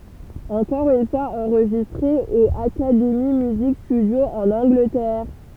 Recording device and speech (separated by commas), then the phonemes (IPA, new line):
temple vibration pickup, read sentence
ɑ̃kɔʁ yn fwaz ɑ̃ʁʒistʁe o akademi myzik stydjo ɑ̃n ɑ̃ɡlətɛʁ